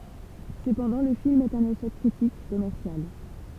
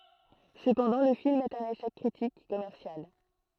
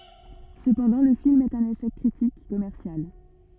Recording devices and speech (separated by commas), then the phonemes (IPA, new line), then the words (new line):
temple vibration pickup, throat microphone, rigid in-ear microphone, read sentence
səpɑ̃dɑ̃ lə film ɛt œ̃n eʃɛk kʁitik e kɔmɛʁsjal
Cependant, le film est un échec critique et commercial.